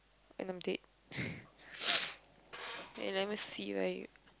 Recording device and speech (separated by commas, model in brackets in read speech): close-talking microphone, conversation in the same room